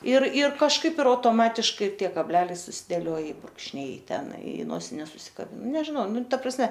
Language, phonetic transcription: Lithuanian, ir ir kažˈkaip ir autoˈmatiškai ir ˈtie kabˈleliai susiˈdėlioj i brūkšˈniai i ˈten i ˈnosines susikaˈbin nežiˈnau ˈnu ˈta prasˈme

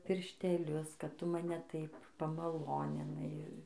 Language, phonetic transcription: Lithuanian, piršteˈlius kad ˈtu maˈne ˈtaip pamaˈloninai

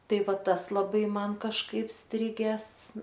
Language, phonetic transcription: Lithuanian, ˈtai ˈvat ˈtas laˈbai ˈman kažˈkaip ˈstrigęs

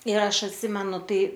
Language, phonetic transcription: Lithuanian, ir ˈaš atˈsimenu ˈtai

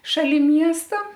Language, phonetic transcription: Lithuanian, šaˈli ˈmiesta

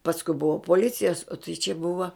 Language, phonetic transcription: Lithuanian, pasˈku ˈbuva poˈlicijas o tai čia ˈbuva

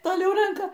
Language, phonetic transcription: Lithuanian, toˈliau ˈrenka

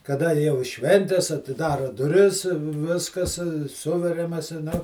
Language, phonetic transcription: Lithuanian, kaˈda jau i ˈšventes atiˈdara duˈris ˈviskas ˈsuveriamas i nau

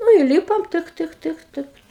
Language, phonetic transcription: Lithuanian, nu įˈlypom ˈtɨk ˈtɨk ˈtɨk ˈtɨk

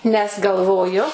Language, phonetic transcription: Lithuanian, nes galˈvoju

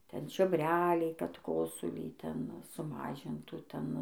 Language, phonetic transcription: Lithuanian, ˈten čiobˈreliai kad ˈkosulį ˈten suˈmažintų ˈten

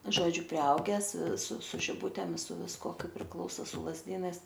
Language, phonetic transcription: Lithuanian, ˈžodžiu priˈaugęs su su žiˈbutėm su visˈkuo ˈkaip prikˈlauso su lazˈdynais

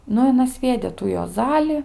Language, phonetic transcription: Lithuanian, ˈnu i aˈna ˈsviedė tų juoˈzali

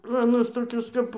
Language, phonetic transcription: Lithuanian, ˈplonos toˈkios kap

